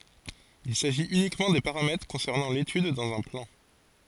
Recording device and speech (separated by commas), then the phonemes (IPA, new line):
forehead accelerometer, read sentence
il saʒit ynikmɑ̃ de paʁamɛtʁ kɔ̃sɛʁnɑ̃ letyd dɑ̃z œ̃ plɑ̃